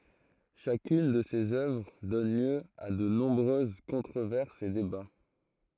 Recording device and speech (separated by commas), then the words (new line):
throat microphone, read sentence
Chacune de ses œuvres donne lieu à de nombreuses controverses et débats.